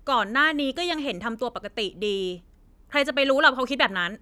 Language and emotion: Thai, angry